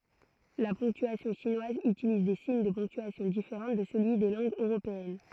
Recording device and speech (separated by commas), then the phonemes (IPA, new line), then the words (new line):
throat microphone, read sentence
la pɔ̃ktyasjɔ̃ ʃinwaz ytiliz de siɲ də pɔ̃ktyasjɔ̃ difeʁɑ̃ də səlyi de lɑ̃ɡz øʁopeɛn
La ponctuation chinoise utilise des signes de ponctuation différents de celui des langues européennes.